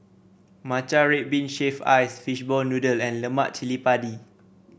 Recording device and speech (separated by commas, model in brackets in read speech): boundary microphone (BM630), read sentence